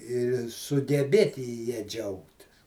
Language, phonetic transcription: Lithuanian, ir sugeˈbėti ja ˈdžiaugtis

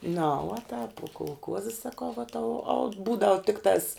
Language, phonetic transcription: Lithuanian, na uo tāp uo kolˈkuozi saˈkau va tau aut ˈbūdavu ˈtiktās

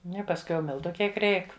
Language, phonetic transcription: Lithuanian, ˈnu i pasˈkui jau ˈmiltu ˈkiek ˈreik

